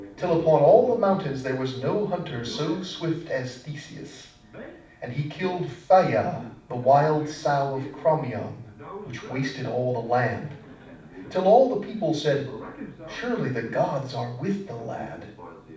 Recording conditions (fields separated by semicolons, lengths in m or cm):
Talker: one person; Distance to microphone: 5.8 m; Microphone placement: far; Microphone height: 1.8 m; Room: medium-sized (5.7 m by 4.0 m); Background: television